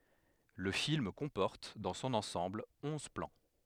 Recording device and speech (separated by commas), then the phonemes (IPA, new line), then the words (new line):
headset microphone, read sentence
lə film kɔ̃pɔʁt dɑ̃ sɔ̃n ɑ̃sɑ̃bl ɔ̃z plɑ̃
Le film comporte, dans son ensemble, onze plans.